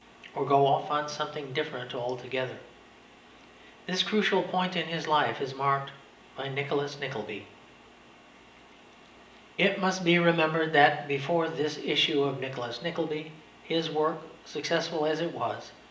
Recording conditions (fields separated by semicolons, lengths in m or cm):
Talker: one person; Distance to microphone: 1.8 m; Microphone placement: close; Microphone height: 1.0 m; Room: large; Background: none